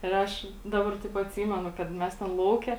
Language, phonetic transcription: Lithuanian, ir ˈaš ˈdabar taip atˈsymenu kad ˈmes ten ˈlauke

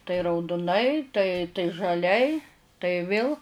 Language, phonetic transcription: Lithuanian, tai rauduˈnai tai tai žaˈliai tai ˈvėl

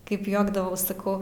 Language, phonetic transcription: Lithuanian, ˈkaip ˈjuokdavaus saˈkau

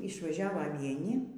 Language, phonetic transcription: Lithuanian, išvaˈžiavo vieˈni

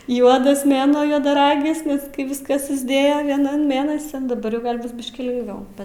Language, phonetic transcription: Lithuanian, ˈjuodas ˈmėnuo juodaˈragis ˈnes ˈkai ˈviskas susˈdėjo ˈvienan ˈmėnasin daˈbar jau ˈgal' ˈbus ˈbiškį lingˈviau

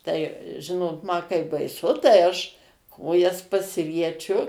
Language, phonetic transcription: Lithuanian, tai ˈžinot ma kai baiˈsu tai ˈaš ˈkojas pasirieˈčiu

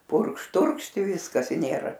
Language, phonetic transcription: Lithuanian, ˈpurkš ˈturkšt i ˈviskas i ˈnėra

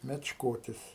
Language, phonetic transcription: Lithuanian, mečˈkotis

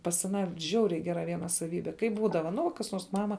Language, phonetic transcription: Lithuanian, pas aˈną ˈžiauriai ˈgera ˈviena saˈvybe ˈkaip ˈbūdava nu kas ˈnuors ˈmama

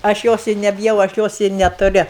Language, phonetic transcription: Lithuanian, aš ˈjos i nebiˈjau aš ˈjos i netuˈri

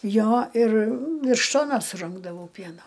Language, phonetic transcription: Lithuanian, ˈjo ir ˈvirš ˈtonos suˈrinkdavau ˈpieno

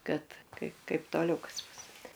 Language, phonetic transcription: Lithuanian, ˈkad ˈkaip ˈkaip toˈliau ˈkas ˈbus

